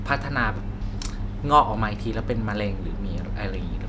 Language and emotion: Thai, neutral